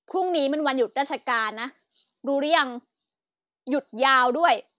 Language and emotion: Thai, angry